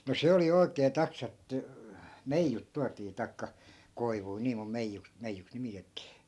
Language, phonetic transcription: Finnish, no 'se oli 'oi̮kee 'taks(a) että , "meijjut 'tuatii tai̮kka , 'koivui nii mum 'meijjuks , 'meijjuks nimitettii .
- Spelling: no se oli oikein taksa että meijut tuotiin tai koivuja niin kuin meijuksi meijuksi nimitettiin

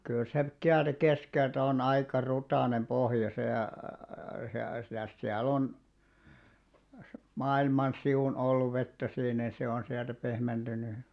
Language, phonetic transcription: Finnish, kyl se ('siältä) 'keskelt ‿on 'aikà 'rutànem 'pohja se ää+- , (mi)täs siä'l ‿on , "maa₍ilman 'siʷun olluv 'vettä siin niḭ 'se on siältä 'pehmenᴅyny .
- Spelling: kyllä se sieltä keskeltä on aika rutainen pohja se - mitäs siellä on maailman sivun ollut vettä siinä niin se on sieltä pehmentynyt

